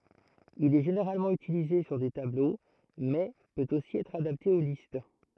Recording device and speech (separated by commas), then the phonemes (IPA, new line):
throat microphone, read sentence
il ɛ ʒeneʁalmɑ̃ ytilize syʁ de tablo mɛ pøt osi ɛtʁ adapte o list